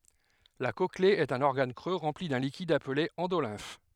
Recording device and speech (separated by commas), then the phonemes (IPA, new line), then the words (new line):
headset microphone, read sentence
la kɔkle ɛt œ̃n ɔʁɡan kʁø ʁɑ̃pli dœ̃ likid aple ɑ̃dolɛ̃f
La cochlée est un organe creux rempli d'un liquide appelé endolymphe.